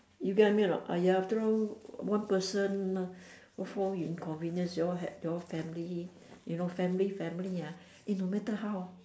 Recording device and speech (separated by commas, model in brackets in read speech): standing microphone, conversation in separate rooms